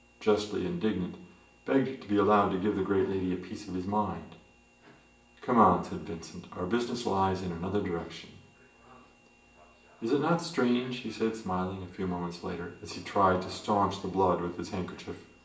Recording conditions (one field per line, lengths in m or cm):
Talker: one person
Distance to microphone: 1.8 m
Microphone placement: close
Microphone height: 1.0 m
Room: large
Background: television